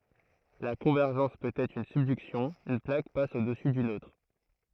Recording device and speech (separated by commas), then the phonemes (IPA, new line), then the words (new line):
throat microphone, read sentence
la kɔ̃vɛʁʒɑ̃s pøt ɛtʁ yn sybdyksjɔ̃ yn plak pas odɛsu dyn otʁ
La convergence peut être une subduction, une plaque passe au-dessous d'une autre.